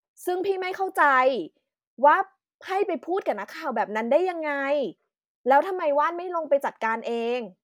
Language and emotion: Thai, frustrated